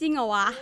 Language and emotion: Thai, happy